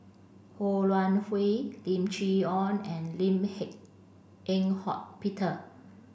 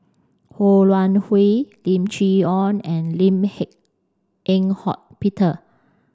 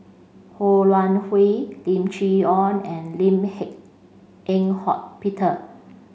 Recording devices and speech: boundary microphone (BM630), standing microphone (AKG C214), mobile phone (Samsung C5), read sentence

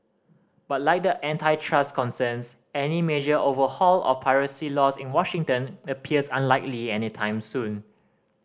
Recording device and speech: standing microphone (AKG C214), read sentence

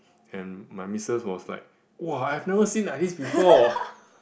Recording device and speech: boundary microphone, conversation in the same room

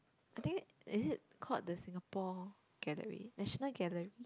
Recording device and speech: close-talking microphone, conversation in the same room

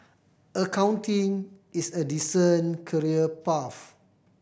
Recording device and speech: boundary microphone (BM630), read sentence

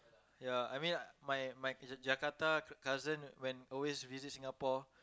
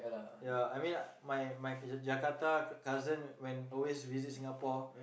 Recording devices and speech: close-talking microphone, boundary microphone, conversation in the same room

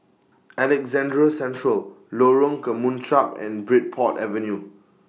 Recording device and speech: mobile phone (iPhone 6), read sentence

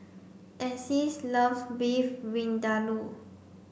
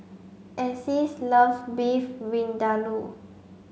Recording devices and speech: boundary microphone (BM630), mobile phone (Samsung C5), read sentence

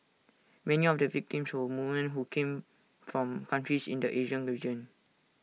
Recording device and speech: mobile phone (iPhone 6), read sentence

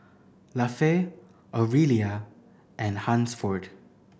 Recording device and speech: boundary microphone (BM630), read sentence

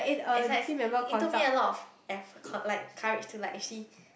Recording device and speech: boundary microphone, conversation in the same room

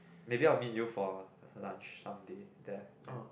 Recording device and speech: boundary microphone, conversation in the same room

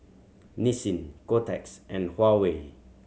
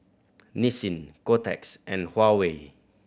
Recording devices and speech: mobile phone (Samsung C7100), boundary microphone (BM630), read sentence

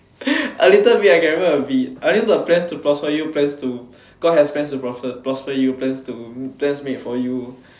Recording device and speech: standing microphone, conversation in separate rooms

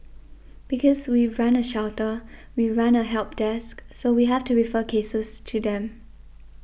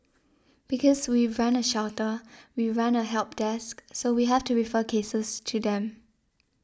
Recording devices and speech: boundary microphone (BM630), standing microphone (AKG C214), read sentence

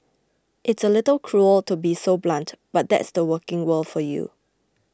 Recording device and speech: close-talking microphone (WH20), read sentence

